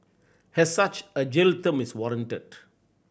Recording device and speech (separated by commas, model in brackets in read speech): boundary microphone (BM630), read sentence